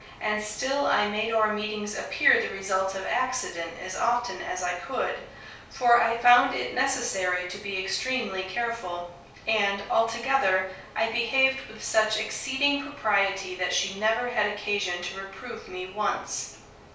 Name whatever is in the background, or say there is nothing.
Nothing.